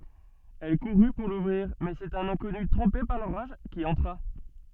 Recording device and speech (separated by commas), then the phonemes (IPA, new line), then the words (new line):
soft in-ear microphone, read sentence
ɛl kuʁy puʁ luvʁiʁ mɛz œ̃ sɛt œ̃n ɛ̃kɔny tʁɑ̃pe paʁ loʁaʒ ki ɑ̃tʁa
Elle courut pour l'ouvrir mais un c'est un inconnu trempé par l'orage qui entra.